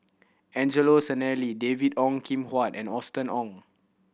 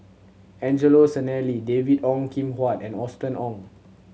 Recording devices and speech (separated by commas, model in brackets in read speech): boundary microphone (BM630), mobile phone (Samsung C7100), read sentence